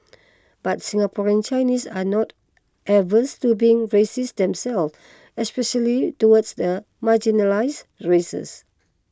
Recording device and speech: close-talking microphone (WH20), read sentence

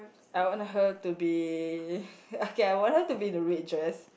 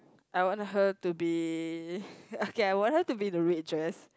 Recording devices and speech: boundary microphone, close-talking microphone, conversation in the same room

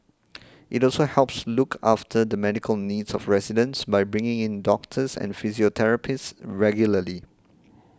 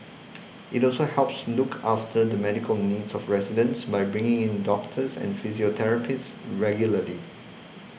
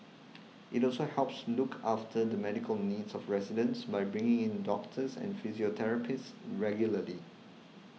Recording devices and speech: close-talking microphone (WH20), boundary microphone (BM630), mobile phone (iPhone 6), read sentence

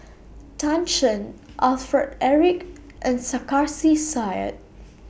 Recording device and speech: boundary microphone (BM630), read sentence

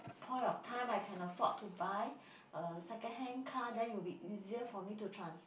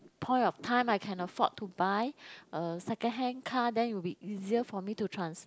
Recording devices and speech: boundary microphone, close-talking microphone, conversation in the same room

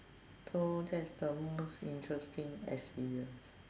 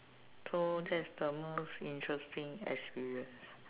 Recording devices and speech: standing microphone, telephone, conversation in separate rooms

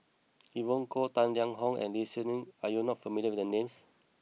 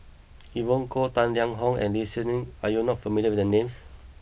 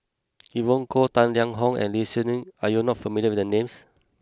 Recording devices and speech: mobile phone (iPhone 6), boundary microphone (BM630), close-talking microphone (WH20), read sentence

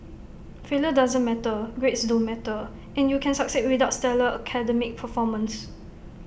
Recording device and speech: boundary microphone (BM630), read sentence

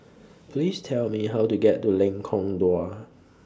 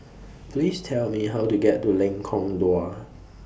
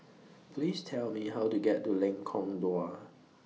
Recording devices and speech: standing microphone (AKG C214), boundary microphone (BM630), mobile phone (iPhone 6), read sentence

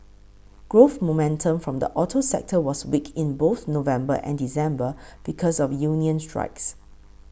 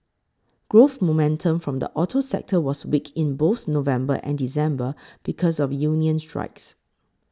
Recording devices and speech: boundary microphone (BM630), close-talking microphone (WH20), read sentence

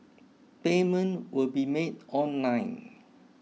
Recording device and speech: mobile phone (iPhone 6), read sentence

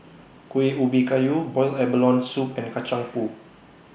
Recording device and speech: boundary microphone (BM630), read sentence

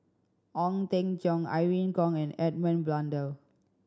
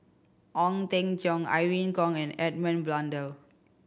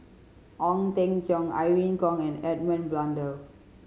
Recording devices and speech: standing microphone (AKG C214), boundary microphone (BM630), mobile phone (Samsung C5010), read sentence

